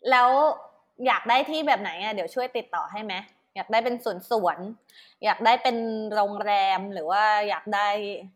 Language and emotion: Thai, neutral